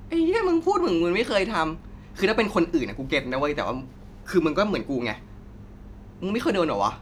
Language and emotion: Thai, frustrated